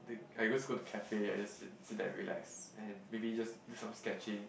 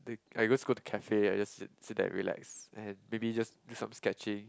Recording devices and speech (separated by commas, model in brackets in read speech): boundary microphone, close-talking microphone, conversation in the same room